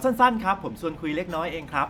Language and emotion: Thai, neutral